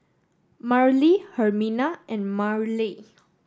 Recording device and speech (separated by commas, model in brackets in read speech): standing microphone (AKG C214), read sentence